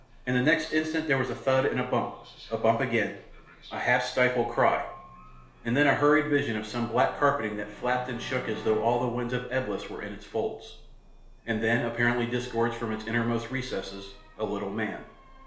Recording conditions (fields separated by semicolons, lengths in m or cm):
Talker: one person; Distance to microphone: 1.0 m; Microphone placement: close; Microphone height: 1.1 m; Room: small (3.7 m by 2.7 m); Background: television